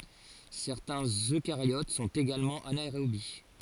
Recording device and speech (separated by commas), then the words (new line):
forehead accelerometer, read sentence
Certains Eucaryotes sont également anaérobies.